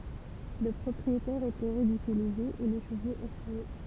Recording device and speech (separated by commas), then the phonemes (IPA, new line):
temple vibration pickup, read sentence
lə pʁɔpʁietɛʁ etɛ ʁidikylize e le ʃəvoz efʁɛje